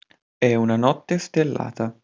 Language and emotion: Italian, neutral